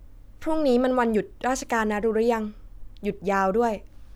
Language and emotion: Thai, neutral